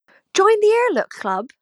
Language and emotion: English, surprised